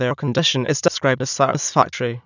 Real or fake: fake